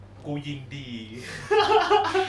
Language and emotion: Thai, happy